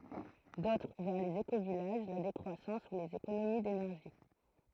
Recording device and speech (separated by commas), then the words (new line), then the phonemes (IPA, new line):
throat microphone, read sentence
D'autres vers les écovillages, la décroissance ou les économies d'énergie.
dotʁ vɛʁ lez ekovijaʒ la dekʁwasɑ̃s u lez ekonomi denɛʁʒi